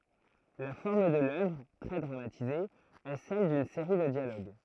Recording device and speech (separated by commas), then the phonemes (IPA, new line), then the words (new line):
throat microphone, read sentence
la fɔʁm də lœvʁ tʁɛ dʁamatize ɛ sɛl dyn seʁi də djaloɡ
La forme de l'œuvre - très dramatisée - est celle d'une série de dialogues.